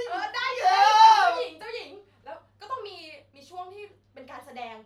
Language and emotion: Thai, happy